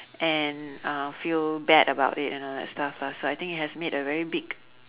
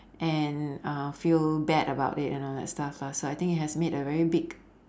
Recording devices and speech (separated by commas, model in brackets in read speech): telephone, standing microphone, conversation in separate rooms